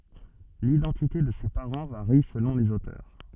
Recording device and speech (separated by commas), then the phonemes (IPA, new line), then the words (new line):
soft in-ear microphone, read sentence
lidɑ̃tite də se paʁɑ̃ vaʁi səlɔ̃ lez otœʁ
L’identité de ses parents varie selon les auteurs.